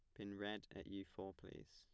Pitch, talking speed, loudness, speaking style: 100 Hz, 235 wpm, -52 LUFS, plain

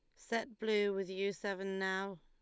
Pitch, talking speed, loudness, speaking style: 195 Hz, 180 wpm, -38 LUFS, Lombard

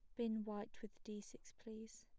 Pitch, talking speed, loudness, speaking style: 220 Hz, 200 wpm, -49 LUFS, plain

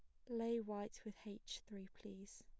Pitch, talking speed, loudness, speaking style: 205 Hz, 175 wpm, -48 LUFS, plain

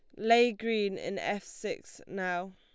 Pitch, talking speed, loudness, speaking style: 205 Hz, 155 wpm, -31 LUFS, Lombard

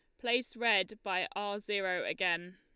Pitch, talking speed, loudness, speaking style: 200 Hz, 155 wpm, -33 LUFS, Lombard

